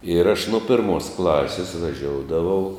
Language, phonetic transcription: Lithuanian, ir aš nu ˈpirmos ˈklasis vaˈžioudavau

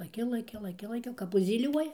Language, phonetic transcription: Lithuanian, laˈki laˈki laˈki laˈki kap užzyˈliuoja

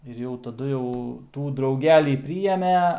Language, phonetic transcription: Lithuanian, ir ˈjau taˈdu jau ˈtų drauˈgelį ˈprijeme

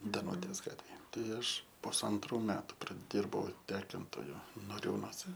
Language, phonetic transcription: Lithuanian, daˈnūtės ˈgatvėj ˈtai ˈaš pusanˈtrų ˈmetu praˈdirbau ˈtekintoju noˈriūnose

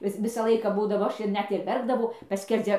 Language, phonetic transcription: Lithuanian, ˈvis ˈvisą ˈlaiką ˈbūdavo ˈaš ir ˈnet ir ˈverkdavau ˈpaskerdzia

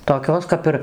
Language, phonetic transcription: Lithuanian, toˈkios kap ˈir

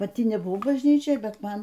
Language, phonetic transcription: Lithuanian, paˈti nebuˈvau bažnˈyčioj ˈbet ˈman

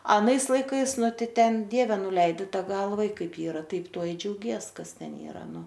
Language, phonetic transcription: Lithuanian, aˈnais laiˈkais ˈnu ˈtai ˈten ˈdieve nuˈleidi ˈtą ˈgalva i ˈkaip ˈyra ˈtaip ˈtuo i džiauˈgies ˈkas ˈten ˈyra ˈnu

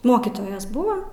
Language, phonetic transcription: Lithuanian, ˈmokytojas ˈbuvo

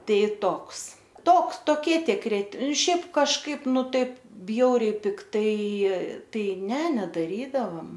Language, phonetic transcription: Lithuanian, ˈtai ˈtoks ˈtoks toˈkie tikˈri ˈšiaip kažˈkaip ˈnu ˈtaip ˈbjauriai pikˈtai ˈtai ˈne nedaˈrydavam

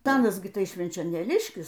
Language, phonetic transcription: Lithuanian, taˈanas gi ˈtai švenčionėˈliškis

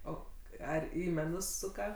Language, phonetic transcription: Lithuanian, ˈo ˈar ˈį meˈnus ˈsuka

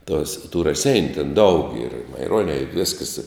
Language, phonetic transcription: Lithuanian, tuos tu raˈseiniu ten daug yr i maiˈruonia i ˈviskas

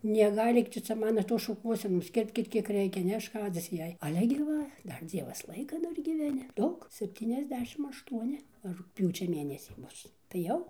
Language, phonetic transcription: Lithuanian, neˈgailyk ˈtu cia ˈmano ˈtos šuˈkuosenos ˈkirpkit ˈkiek ˈreikia neˈškadzis ˈjei aˈle gi ˈva ˈdar ˈdzievas ˈlaika ˈdar gyveˈni ˈdaug sepˌtyniasˈdešim ašˈtuoni rugˈpjūčia ˈmėnesį ˈbus tai ˈjau

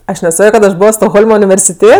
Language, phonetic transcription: Lithuanian, ˈaš neˈsakio kad aš ˈbovo stokˈholma universiˈtė

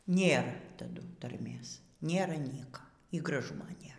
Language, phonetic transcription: Lithuanian, ˈnėr taˈdu tarˈmės ˈnėra ˈnieka y graˈžumo ˈnėr

